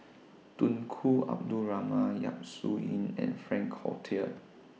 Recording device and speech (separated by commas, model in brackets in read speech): mobile phone (iPhone 6), read sentence